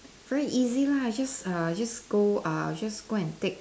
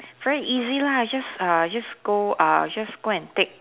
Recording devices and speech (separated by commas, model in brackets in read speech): standing microphone, telephone, conversation in separate rooms